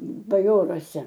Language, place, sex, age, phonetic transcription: Lithuanian, Aukštaitija, female, 60+, baˈjoruose

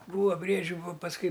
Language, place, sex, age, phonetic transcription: Lithuanian, Aukštaitija, male, 60+, ˈbūva ˈbriedžiu vo pasˈkui

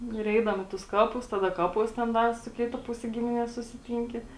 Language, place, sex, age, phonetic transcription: Lithuanian, Žemaitija, female, 18-60, ˈnu ir ˈeidavom i tus ˈkapus ˈtada ˈkapuos ten ˈdar su ˈkita ˈpuse ˈgiminies susiˈtynki

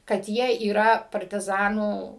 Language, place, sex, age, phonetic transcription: Lithuanian, Suvalkija, female, 60+, kad ˈjie yˈra partiˈzanų

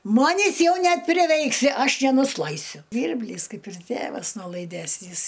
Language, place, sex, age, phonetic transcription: Lithuanian, Aukštaitija, female, 60+, ˈmanis ˈjau nepriˈveiksi ˈaš nenusˈlaisiu ˈžvyrblys ˈkaip ir ˈtėvas nolaiˈdesnys

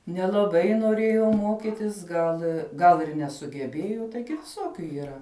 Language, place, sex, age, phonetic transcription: Lithuanian, Žemaitija, female, 18-60, nelaˈbai noˈrėjo ˈmokitis ˈgal gal ir nesugeˈbėju ˈtaigi viˈsokiu yˈra

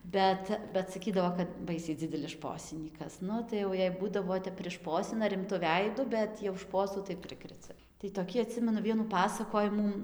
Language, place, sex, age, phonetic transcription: Lithuanian, Dzūkija, female, 18-60, ˈbet bet saˈkydavo kad ˈbaisiai ˈdzidelis ˈšposinykas ˈnu tai jau ˈjei ˈbūdavo ˈtep priˈšposina rimˈtu ˈveidu ˈbet jau ˈšposų tai ˈprikrecia tai toˈkį aˈtsimenu ˈvienų ˈpasakojimų

